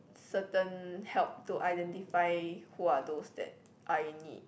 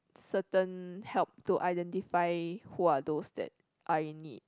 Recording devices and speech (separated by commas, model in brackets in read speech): boundary microphone, close-talking microphone, conversation in the same room